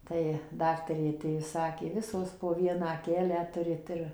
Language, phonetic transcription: Lithuanian, ˈtai ˈdaktarė aˈtėjus ˈsakė ˈvisos po ˈvieną aˈkelę ˈturit ir

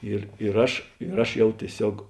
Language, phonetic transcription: Lithuanian, ˈir ir ˈaš ir ˈaš ˈjau tieˈsiog

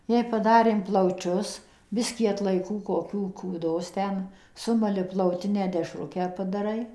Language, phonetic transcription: Lithuanian, jei paˈdarėm plauˈčius ˈbiskį atlaiˈkų koˈkių kūˈdos ˈten ˈsumali plauˈtinę dešˈrukę padaˈrai

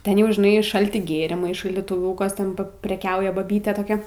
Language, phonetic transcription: Lithuanian, ˈten jau žiˈnai ˈšalti ˈgėrimai šaldytuˈviūkas ˈten preˈkiauja baˈbytė toˈkia

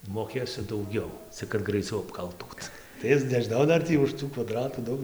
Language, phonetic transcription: Lithuanian, moˈkėsiu dauˈgiau cik kad graiˈciau apˈkaltūt tai ˈis nežiˈnau ˈdar tį už ˈtų kvaˈdratų ˈdaug

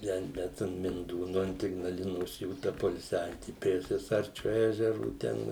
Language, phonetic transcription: Lithuanian, ˈten ˈbet an minˈdūnu ant ignaˈlinos ˈjų ta poilˈsiavieti prie sieˈsarčiu ˈežeru ˈten

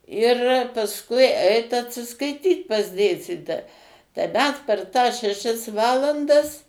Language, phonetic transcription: Lithuanian, ir pasˈkui ˈeit atsiskaiˈtyt pas ˈdėstytoja tai ˈmes per tąs šeˈšias ˈvalandas

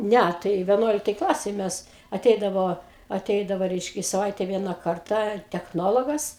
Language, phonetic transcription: Lithuanian, ˈnæ tai veˈnuoliktaj ˈklasėj ˈmes aˈteidavo aˈteidavo ˈreiškia i saˈvaite ˈviena ˈkartą techˈnologas

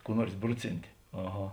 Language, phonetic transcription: Lithuanian, kų ˈnuors ˈbruˌcinti aˈha

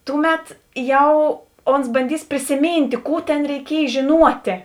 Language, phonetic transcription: Lithuanian, ˈtuˌmet ˈjau ˈons banˈdys prisiˈmyntė ˈkų tėn reiˈkiej žėˈnuotė

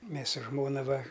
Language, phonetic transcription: Lithuanian, ˈmės su ˈžmona ˈva

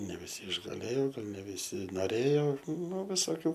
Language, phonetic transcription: Lithuanian, ne viˈsi išgaˈlėjo ˈgal ne viˈsi noˈrėjo nu visoˈkių

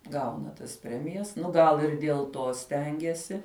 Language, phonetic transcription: Lithuanian, ˈgauna tas ˈpremijas ˈnu ˈgal ir diel ˈto ˈstengiasi

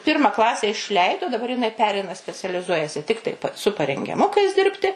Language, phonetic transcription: Lithuanian, ˈpirma ˈklase išˈleido daˈbar jiˈnai ˈpereina specialiˈzuojasi ˈtiktai su parengiaˈmukais ˈdirbti

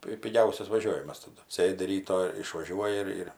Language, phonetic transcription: Lithuanian, ˈpi piˈgiausias vaˈžiovimas taˈdu ˈsėdi ˈryto išvaˈžiuoji ir ir

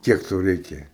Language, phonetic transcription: Lithuanian, ˈkiek ˈtau ˈreikia

